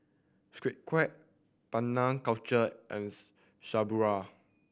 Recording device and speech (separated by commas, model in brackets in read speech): boundary microphone (BM630), read sentence